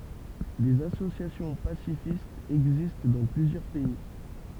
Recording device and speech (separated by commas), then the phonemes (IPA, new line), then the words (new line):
temple vibration pickup, read sentence
dez asosjasjɔ̃ pasifistz ɛɡzist dɑ̃ plyzjœʁ pɛi
Des associations pacifistes existent dans plusieurs pays.